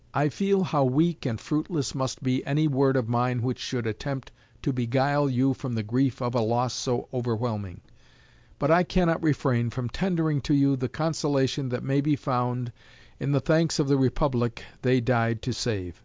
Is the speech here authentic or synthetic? authentic